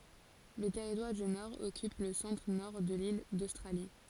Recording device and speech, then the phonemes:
forehead accelerometer, read sentence
lə tɛʁitwaʁ dy nɔʁ ɔkyp lə sɑ̃tʁənɔʁ də lil dostʁali

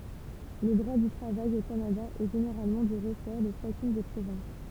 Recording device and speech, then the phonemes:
temple vibration pickup, read sentence
lə dʁwa dy tʁavaj o kanada ɛ ʒeneʁalmɑ̃ dy ʁəsɔʁ də ʃakyn de pʁovɛ̃s

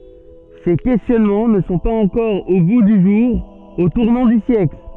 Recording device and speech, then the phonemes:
soft in-ear microphone, read sentence
se kɛstjɔnmɑ̃ nə sɔ̃ paz ɑ̃kɔʁ o ɡu dy ʒuʁ o tuʁnɑ̃ dy sjɛkl

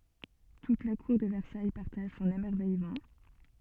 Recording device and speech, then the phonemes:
soft in-ear microphone, read sentence
tut la kuʁ də vɛʁsaj paʁtaʒ sɔ̃n emɛʁvɛjmɑ̃

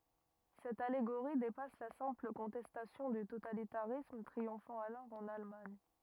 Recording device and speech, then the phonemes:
rigid in-ear microphone, read sentence
sɛt aleɡoʁi depas la sɛ̃pl kɔ̃tɛstasjɔ̃ dy totalitaʁism tʁiɔ̃fɑ̃ alɔʁ ɑ̃n almaɲ

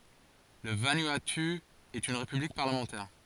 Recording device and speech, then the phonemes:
forehead accelerometer, read sentence
lə vanuatu ɛt yn ʁepyblik paʁləmɑ̃tɛʁ

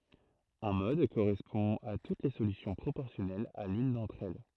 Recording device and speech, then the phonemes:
throat microphone, read sentence
œ̃ mɔd koʁɛspɔ̃ a tut le solysjɔ̃ pʁopɔʁsjɔnɛlz a lyn dɑ̃tʁ ɛl

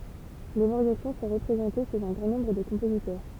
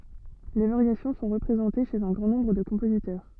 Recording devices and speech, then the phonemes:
temple vibration pickup, soft in-ear microphone, read sentence
le vaʁjasjɔ̃ sɔ̃ ʁəpʁezɑ̃te ʃez œ̃ ɡʁɑ̃ nɔ̃bʁ də kɔ̃pozitœʁ

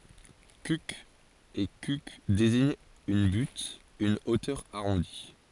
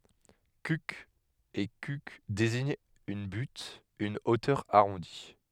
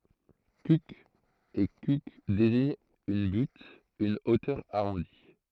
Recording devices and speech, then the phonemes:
forehead accelerometer, headset microphone, throat microphone, read sentence
kyk e kyk deziɲt yn byt yn otœʁ aʁɔ̃di

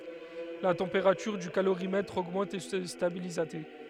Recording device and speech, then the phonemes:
headset microphone, read sentence
la tɑ̃peʁatyʁ dy kaloʁimɛtʁ oɡmɑ̃t e sə stabiliz a te

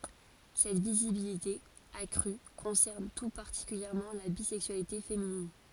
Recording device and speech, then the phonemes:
forehead accelerometer, read sentence
sɛt vizibilite akʁy kɔ̃sɛʁn tu paʁtikyljɛʁmɑ̃ la bizɛksyalite feminin

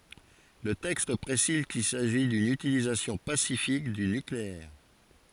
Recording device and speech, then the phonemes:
forehead accelerometer, read sentence
lə tɛkst pʁesiz kil saʒi dyn ytilizasjɔ̃ pasifik dy nykleɛʁ

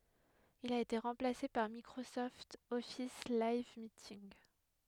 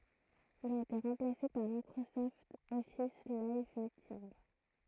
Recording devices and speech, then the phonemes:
headset microphone, throat microphone, read sentence
il a ete ʁɑ̃plase paʁ mikʁosɔft ɔfis lajv mitinɡ

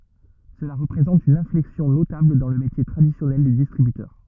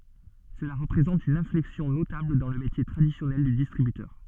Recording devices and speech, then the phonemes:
rigid in-ear microphone, soft in-ear microphone, read sentence
səla ʁəpʁezɑ̃t yn ɛ̃flɛksjɔ̃ notabl dɑ̃ lə metje tʁadisjɔnɛl dy distʁibytœʁ

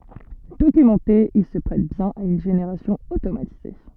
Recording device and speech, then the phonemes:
soft in-ear microphone, read sentence
dokymɑ̃te il sə pʁɛt bjɛ̃n a yn ʒeneʁasjɔ̃ otomatize

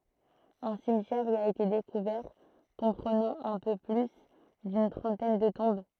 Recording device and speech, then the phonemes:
throat microphone, read sentence
œ̃ simtjɛʁ i a ete dekuvɛʁ kɔ̃pʁənɑ̃ œ̃ pø ply dyn tʁɑ̃tɛn də tɔ̃b

